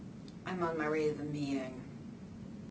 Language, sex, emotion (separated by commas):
English, female, neutral